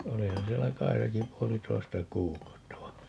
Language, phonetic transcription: Finnish, 'olihan 'siellä "Kaisaki 'puoli'toista "kuukautta va ,.
- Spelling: olihan siellä Kaisakin puolitoista kuukautta vaan

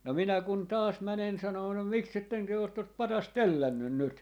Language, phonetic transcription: Finnish, 'no 'minä kun "taas 'mänen 'sanoo » no 'miksetten 'työ ot 'tot "patast "tällännyn 'nyt » .
- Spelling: no minä kun taas menen sanomaan no miksi ette te ole tuota patsasta tällännyt nyt

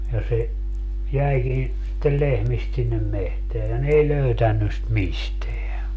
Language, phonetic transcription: Finnish, ja 'se , 'jäikin sittel 'lehmist sinnem 'mehteä ja 'n ‿ei "löytänny ‿st 'misteä .
- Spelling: ja se jäikin sitten lehmistä sinne metsään ja ne ei löytänyt sitä mistään

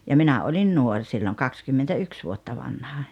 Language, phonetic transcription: Finnish, ja 'minä oĺin 'nuoŕ silloŋ "kakskymmentä₍yks vuotta 'vanha .
- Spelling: ja minä olin nuori silloin kaksikymmentäyksi vuotta vanha

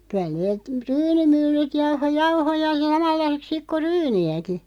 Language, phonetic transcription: Finnish, 'kyä neet , "ryyni'myllyt 'jauho "jauhoja '(s)amalla(iseks) sik ko "ryyni₍äki .
- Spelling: kyllä ne ryynimyllyt jauhoi jauhoja samanlaiseksi sitten kuin ryynejäkin

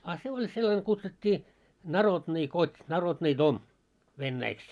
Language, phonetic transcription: Finnish, a 'se 'oĺ sellane kutsut́t́ii , "narodni "kot́ , 'narodnii "dom , 'vennäiks .
- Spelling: a se oli sellainen kutsuttiin narodni kot narodni dom venäjäksi

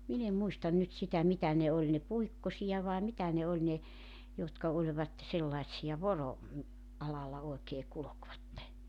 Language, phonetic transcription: Finnish, 'min ‿em 'muistan 'nyt sitä 'mitä ne oĺ ne "puikkosija vae 'mitä ne 'oĺ ne , jotka 'oĺvat , 'sellaⁱtsi₍a "voro- , -'alalla oekee 'kulokvatte .
- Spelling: minä en muista nyt sitä mitä ne oli ne Puikkosia vai mitä ne oli ne jotka olivat sellaisia - voroalalla oikein kulkivat

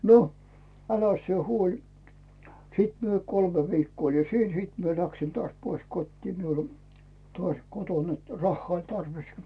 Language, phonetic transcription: Finnish, 'no , 'äläs sie 'huoĺi , 'sìt mie "kolme 'vikkoo oli "siin , 'siit mie 'läksin tᵒàś pois 'kot́tii miul ‿o , tᵒàś 'koton net 'rahhᵒà oĺ 'tarvis .
- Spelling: no äläs sinä huoli sitten minä kolme viikkoa olin siinä sitten minä lähdin taas pois kotiin minulla oli taas kotona että rahaa oli tarvis

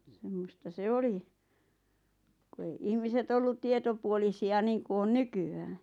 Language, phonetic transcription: Finnish, 'semmosta 'se "oli , ku ei 'ihmiset 'ollut "tietopuolisi₍a 'niiŋku on "nyky₍ää .
- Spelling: semmoista se oli kun ei ihmiset ollut tietopuolisia niin kuin on nykyään

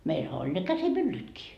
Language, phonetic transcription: Finnish, 'meilhä oĺ ne 'käsi"myllytkii .
- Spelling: meillähän oli ne käsimyllytkin

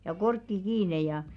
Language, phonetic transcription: Finnish, ja 'korkki "kiine jà .
- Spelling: ja korkki kiinni ja

